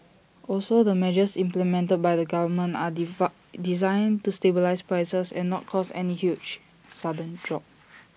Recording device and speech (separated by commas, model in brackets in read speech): boundary microphone (BM630), read sentence